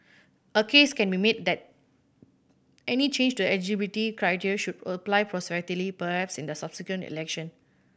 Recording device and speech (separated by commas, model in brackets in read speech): boundary microphone (BM630), read sentence